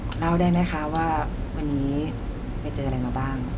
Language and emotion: Thai, neutral